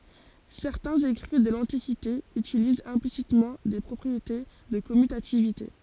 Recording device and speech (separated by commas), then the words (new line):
forehead accelerometer, read sentence
Certains écrits de l'Antiquité utilisent implicitement des propriétés de commutativité.